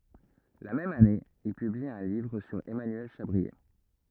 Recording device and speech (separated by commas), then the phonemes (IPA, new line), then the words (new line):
rigid in-ear microphone, read sentence
la mɛm ane il pybli œ̃ livʁ syʁ ɛmanyɛl ʃabʁie
La même année, il publie un livre sur Emmanuel Chabrier.